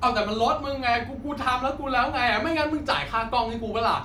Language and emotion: Thai, angry